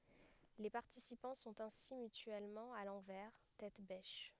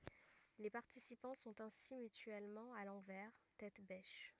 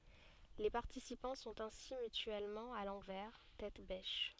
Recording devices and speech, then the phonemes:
headset microphone, rigid in-ear microphone, soft in-ear microphone, read sentence
le paʁtisipɑ̃ sɔ̃t ɛ̃si mytyɛlmɑ̃ a lɑ̃vɛʁ tɛt bɛʃ

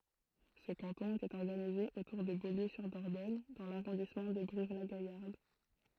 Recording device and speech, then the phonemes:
throat microphone, read sentence
sə kɑ̃tɔ̃ etɛt ɔʁɡanize otuʁ də boljøzyʁdɔʁdɔɲ dɑ̃ laʁɔ̃dismɑ̃ də bʁivlaɡajaʁd

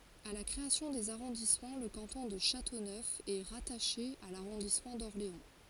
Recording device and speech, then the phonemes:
forehead accelerometer, read sentence
a la kʁeasjɔ̃ dez aʁɔ̃dismɑ̃ lə kɑ̃tɔ̃ də ʃatonœf ɛ ʁataʃe a laʁɔ̃dismɑ̃ dɔʁleɑ̃

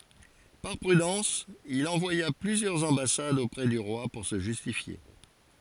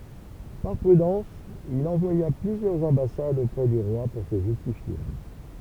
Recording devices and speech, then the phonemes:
forehead accelerometer, temple vibration pickup, read sentence
paʁ pʁydɑ̃s il ɑ̃vwaja plyzjœʁz ɑ̃basadz opʁɛ dy ʁwa puʁ sə ʒystifje

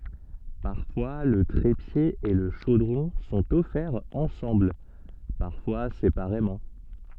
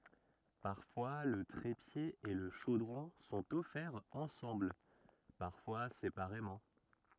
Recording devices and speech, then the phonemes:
soft in-ear microphone, rigid in-ear microphone, read sentence
paʁfwa lə tʁepje e lə ʃodʁɔ̃ sɔ̃t ɔfɛʁz ɑ̃sɑ̃bl paʁfwa sepaʁemɑ̃

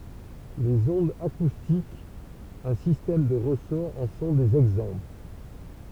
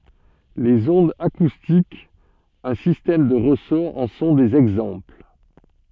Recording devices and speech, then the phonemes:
temple vibration pickup, soft in-ear microphone, read sentence
lez ɔ̃dz akustikz œ̃ sistɛm də ʁəsɔʁ ɑ̃ sɔ̃ dez ɛɡzɑ̃pl

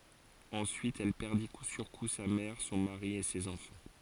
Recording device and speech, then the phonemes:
forehead accelerometer, read sentence
ɑ̃syit ɛl pɛʁdi ku syʁ ku sa mɛʁ sɔ̃ maʁi e sez ɑ̃fɑ̃

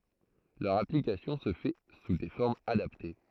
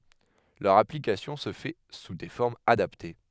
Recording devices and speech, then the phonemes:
throat microphone, headset microphone, read sentence
lœʁ aplikasjɔ̃ sə fɛ su de fɔʁmz adapte

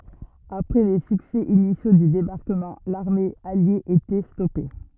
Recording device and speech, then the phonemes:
rigid in-ear microphone, read sentence
apʁɛ le syksɛ inisjo dy debaʁkəmɑ̃ laʁme alje etɛ stɔpe

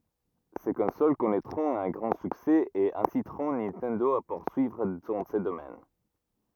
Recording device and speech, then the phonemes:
rigid in-ear microphone, read sentence
se kɔ̃sol kɔnɛtʁɔ̃t œ̃ ɡʁɑ̃ syksɛ e ɛ̃sitʁɔ̃ nintɛndo a puʁsyivʁ dɑ̃ sə domɛn

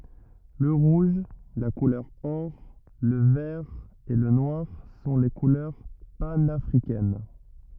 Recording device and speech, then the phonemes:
rigid in-ear microphone, read sentence
lə ʁuʒ la kulœʁ ɔʁ lə vɛʁ e lə nwaʁ sɔ̃ le kulœʁ panafʁikɛn

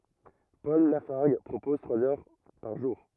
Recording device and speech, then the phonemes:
rigid in-ear microphone, read sentence
pɔl lafaʁɡ pʁopɔz tʁwaz œʁ paʁ ʒuʁ

